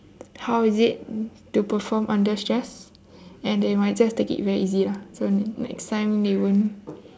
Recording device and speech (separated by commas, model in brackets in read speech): standing microphone, conversation in separate rooms